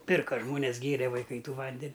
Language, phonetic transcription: Lithuanian, ˈpirka ˈžmones ˈgėre vaiˈkai ˈtų ˈvanden'

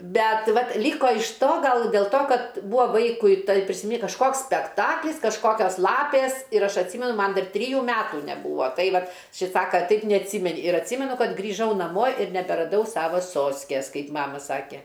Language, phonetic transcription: Lithuanian, ˈbet ˈvat ˈlyko iš ˈto ˈgal dėl ˈto ˈkad ˈbūa ˈvaikui tai prisiˈmy kažˈkoks spekˈtaklis kažˈkokios ˈlapės ir ˈaš atˈsymenu ˈman ˈdar ˈtryjų ˈmetų neˈbūvo ˈtai ˈvat ˈšis ˈsaka ˈtaip neatˈsymeni ir atˈsymenu ˈkad grįˈžau naˈmo ir neberaˈdau ˈsava ˈsoskės ˈkai ˈmama ˈsake

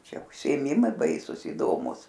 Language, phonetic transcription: Lithuanian, ˈčia užsiėˈmimai ˈbaisus iˈdomus

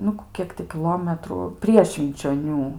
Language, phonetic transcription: Lithuanian, ˈnu ˈkiek ti kiˈlometru ˈprie švinčioˈnių

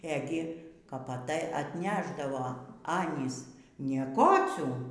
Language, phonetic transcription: Lithuanian, ˈegi kap aˈtai atˈnešdavo ˈanys nieˈkocių

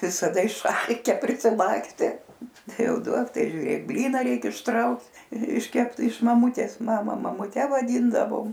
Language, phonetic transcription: Lithuanian, visaˈda išˈalke prisiˈlakste ˈtai ˈjau ˈduok ˈtai žiuˈrėk ˈblyna ˈreikia išˈtrauk išˈkept iš maˈmutės ˈmama mamuˈte vaˈdyndavom

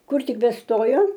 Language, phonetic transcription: Lithuanian, ˈkur ˈtik beˈstojo

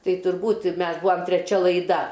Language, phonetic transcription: Lithuanian, ˈtai turˈbūt ˈmes ˈbuam treˈčia laiˈda

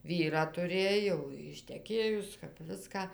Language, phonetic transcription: Lithuanian, ˈvyrą tuˈrėj jau išteˈkėjus kap ˈviska

